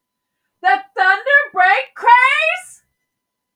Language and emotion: English, surprised